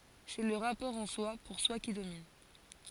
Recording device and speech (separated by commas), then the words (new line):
forehead accelerometer, read sentence
C'est le rapport en-soi, pour-soi qui domine.